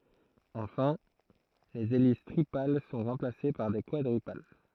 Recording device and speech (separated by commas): throat microphone, read sentence